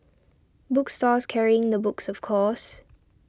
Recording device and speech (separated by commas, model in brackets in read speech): standing microphone (AKG C214), read sentence